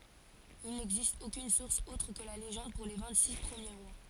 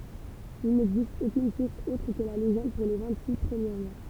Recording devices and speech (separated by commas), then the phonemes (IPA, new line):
forehead accelerometer, temple vibration pickup, read sentence
il nɛɡzist okyn suʁs otʁ kə la leʒɑ̃d puʁ le vɛ̃ɡtsiks pʁəmje ʁwa